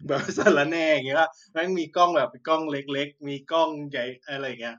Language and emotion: Thai, happy